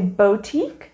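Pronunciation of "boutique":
'Boutique' is pronounced incorrectly here.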